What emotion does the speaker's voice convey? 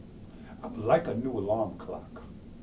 neutral